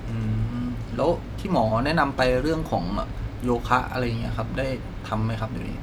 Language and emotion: Thai, neutral